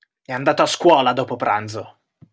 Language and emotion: Italian, angry